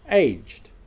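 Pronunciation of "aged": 'Aged' is said here the way the verb is pronounced, not the adjective.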